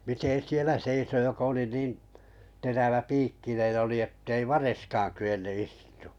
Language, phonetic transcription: Finnish, 'miten "sielä 'seiso jokᵃ ‿oli 'niin , terävä'piikkinen oli ettei "vareskaan ky₍enny 'istᴜᴜ .
- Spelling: miten siellä seisoi joka oli niin teräväpiikkinen oli että ei variskaan kyennyt istumaan

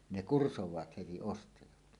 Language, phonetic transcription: Finnish, 'ne "kursowaat heti "ostajat .
- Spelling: ne kursaavat heti ostajat

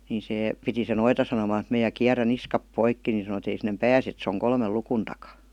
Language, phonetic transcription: Finnish, ni sè , piti se 'noita sanomaan̬ (et) meä » kiärän "niskap 'poikki « ni sano ei » sinnem "pääse et se oŋ 'kolmel 'lukun takA « .
- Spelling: niin se piti se noita sanomaan että minä kierrän niskat poikki niin sanoi ei sinne pääse että se on kolmen luvun takana

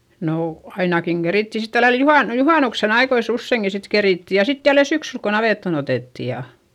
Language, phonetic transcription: Finnish, noo , ainakiŋ Geritti sit tälläl juhàn- , juhànuksen ‿aikois ‿usseiŋki sit kerìtti ja sit jälle syksyl ko navètton ‿otètti ja ,.
- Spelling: no ainakin kerittiin sitten tällä lailla - juhannuksen ajoissa useinkin sitten kerittiin ja sitten jälleen syksyllä kun navettaan otettiin ja

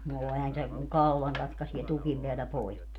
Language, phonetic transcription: Finnish, no 'ehän se , ku "kaulaŋ 'katkasie "tukim peälä 'poikki .
- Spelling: no eihän se kun kaulan katkaisee tukin päällä poikki

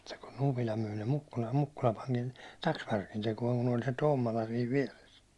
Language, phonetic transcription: Finnish, ᴍᴜttᴀ kun ‿Upila myi ne 'Mukkulaʟʟᴇ 'Mukkula paŋkin 'taksvärkin tekuåŋ kun ‿oĺ se 'Tommola siiv "viɛres .
- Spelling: mutta kun Upila myi ne Mukkulalle Mukkula panikin taksvärkin tekoon kun oli se Tommola siinä vieressä

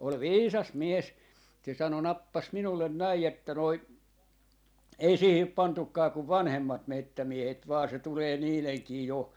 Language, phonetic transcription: Finnish, ol "viisas "mies , se 'sano "nappas 'minullen 'näi että noi , » 'ei 'siihip "pantukkaa kuv "vanhemmat 'mettämiehet vaa se 'tulee 'niileŋkii 'jo ,.
- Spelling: oli viisas mies se sanoi nappasi minulle näin että noin ei siihen pantukaan kuin vanhemmat metsämiehet vain se tulee niidenkin jo

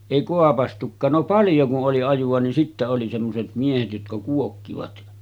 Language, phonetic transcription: Finnish, èi koapastuk̆kaan no 'paljo ku’ ’oli 'ajuᵛa nin sittä oli semmoset 'miehet jotka 'kuokkivat .
- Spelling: ei kaapaistukaan no paljon kun oli ajoa niin sitten oli semmoiset miehet jotka kuokkivat

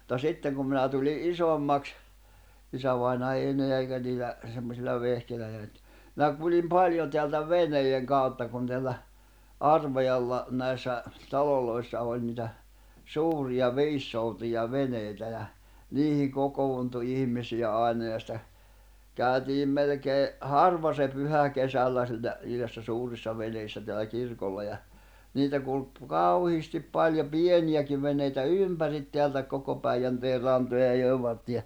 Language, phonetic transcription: Finnish, [mut]ta "sitteŋ kum minä tuli '’isommaks , 'isävaina ei eneä eikä niil̆lä , semmosil̆la 'vehkeil̆lä eneä nʸt , ᵐⁱnä kuĺim "paljo teältä "veneijeŋ 'kàutta kun teällä , "Arvajalla₍ 'näi̬ssä , 'taloloissa oĺ niitä , "suuriʲa "viissoutuja 'venèitä ja , 'niihiŋ 'kokowuntu 'ihm̀isijä ài̬na ja sⁱtä , 'kä̀y̬̬̬tiim melekee , "harv̀a se 'pyhä 'kesällä siinä , (nii näissä) 'suurissa 'veneissä teälä 'kirkolla ja , niitä kulk , "kauhiistip 'paljo "pieniʲäkiv veǹeitä "ỳmpärit 'teältä 'koko Päiʲänteer̆ 'rantoja ja jòi̬v vartta .
- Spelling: mutta sitten kun minä tulin isommaksi isävainaja ei enää eikä niillä semmoisilla vehkeillä enää nyt minä kuljin paljon täältä veneiden kautta kun täällä Arvajalla näissä taloissa oli niitä suuria viisisoutuja veneitä ja niihin kokoontui ihmisiä aina ja sitä käytiin melkein harva se pyhä kesällä siinä niin näissä suurissa veneissä täällä kirkolla ja niitä kulki kauheasti paljon pieniäkin veneitä ympäri täältä koko Päijänteen rantoja ja joen vartta

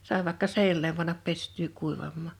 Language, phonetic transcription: Finnish, 'sàe vàᵉkka "seinälem pannap 'pest̀yy 'kuivammà .
- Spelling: sai vaikka seinälle panna pestyä kuivamaan

